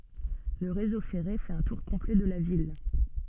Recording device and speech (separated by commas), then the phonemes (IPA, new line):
soft in-ear microphone, read sentence
lə ʁezo fɛʁe fɛt œ̃ tuʁ kɔ̃plɛ də la vil